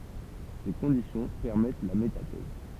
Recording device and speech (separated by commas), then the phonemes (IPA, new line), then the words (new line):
temple vibration pickup, read sentence
se kɔ̃disjɔ̃ pɛʁmɛt la metatɛz
Ces conditions permettent la métathèse.